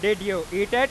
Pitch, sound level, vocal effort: 205 Hz, 104 dB SPL, loud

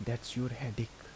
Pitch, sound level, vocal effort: 120 Hz, 73 dB SPL, soft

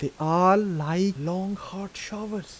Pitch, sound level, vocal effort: 185 Hz, 84 dB SPL, soft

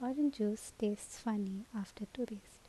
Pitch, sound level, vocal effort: 215 Hz, 88 dB SPL, normal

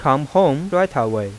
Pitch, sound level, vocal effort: 135 Hz, 91 dB SPL, normal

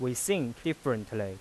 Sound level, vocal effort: 89 dB SPL, loud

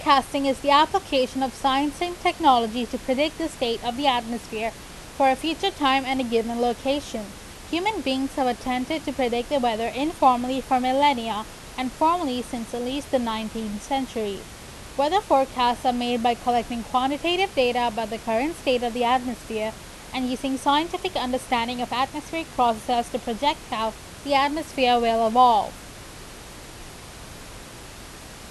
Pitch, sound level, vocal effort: 255 Hz, 90 dB SPL, very loud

